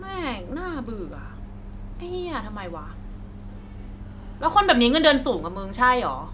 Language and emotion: Thai, frustrated